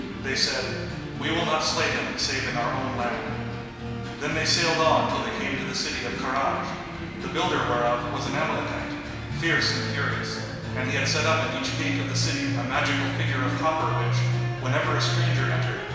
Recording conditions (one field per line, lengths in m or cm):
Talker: one person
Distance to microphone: 1.7 m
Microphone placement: close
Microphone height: 1.0 m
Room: very reverberant, large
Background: music